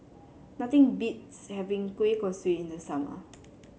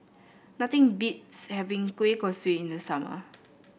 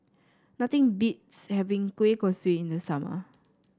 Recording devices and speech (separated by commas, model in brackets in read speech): mobile phone (Samsung C7), boundary microphone (BM630), standing microphone (AKG C214), read sentence